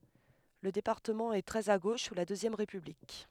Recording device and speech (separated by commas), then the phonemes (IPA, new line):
headset microphone, read sentence
lə depaʁtəmɑ̃ ɛ tʁɛz a ɡoʃ su la døzjɛm ʁepyblik